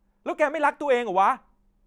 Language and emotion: Thai, angry